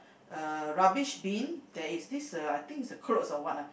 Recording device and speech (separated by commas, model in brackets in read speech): boundary microphone, conversation in the same room